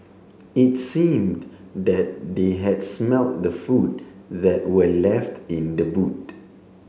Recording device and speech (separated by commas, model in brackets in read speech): mobile phone (Samsung C7), read sentence